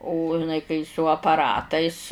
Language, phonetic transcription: Lithuanian, o iˈnai kai su apaˈratais

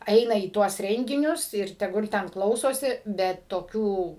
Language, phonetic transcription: Lithuanian, ˈeina į ˈtuos ˈrenginius ir teˈgul ˈten ˈklausosi bet toˈkių

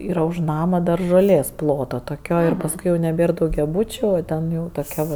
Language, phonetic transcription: Lithuanian, ˈyra už ˈnama dar žoˈlės ˈploto toˈkio ir pasˈkui jau neˈbėr daugiaˈbūčiu o ˈten jau toˈkia va

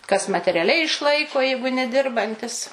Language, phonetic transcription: Lithuanian, kas materiaˈliai išˈlaiko ˈjeigu neˈdirbantis

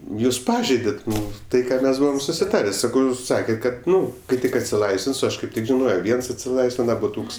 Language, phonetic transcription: Lithuanian, ˈjūs ˈpažeidet' ˈnu ˈtai ˈką ˈmes ˈbuvom susiˈtarė ˈsakau ˈjūs ˈsaket' ˈkad ˈnu kai ˈtik atsiˈlaisvins o ˈaš kaip ˈtik žiˈnojo ˈviens atsiˈlaisvina buˈtūks

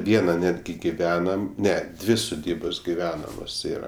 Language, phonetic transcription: Lithuanian, ˈviena ˈnetgi giˈvenam ˈne ˈdvi suˈdybos giˈvenamos ˈyra

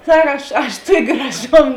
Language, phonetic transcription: Lithuanian, ˈsak ˈaš aš ˈtuok' graˈžom

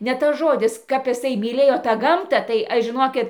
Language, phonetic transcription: Lithuanian, ne tas ˈžodis kap iˈsai myˈlėjo tą ˈgamtą tai ˈaš žiˈnokit

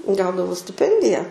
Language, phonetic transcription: Lithuanian, ˈgaudavau stiˈpendija

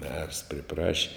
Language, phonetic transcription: Lithuanian, mers priˈpraši

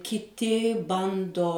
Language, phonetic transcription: Lithuanian, kiˈti ˈbando

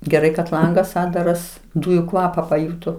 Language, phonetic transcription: Lithuanian, geˈrai kad ˈlangas ˈatdaras ˈdūju ˈkvapa paˈjūto

